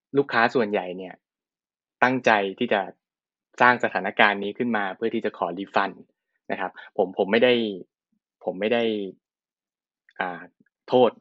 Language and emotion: Thai, neutral